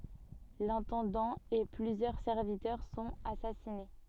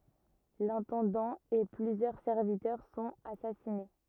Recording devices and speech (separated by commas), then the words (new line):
soft in-ear microphone, rigid in-ear microphone, read sentence
L'intendant et plusieurs serviteurs sont assassinés.